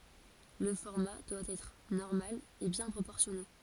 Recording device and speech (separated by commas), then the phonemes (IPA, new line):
forehead accelerometer, read sentence
lə fɔʁma dwa ɛtʁ nɔʁmal e bjɛ̃ pʁopɔʁsjɔne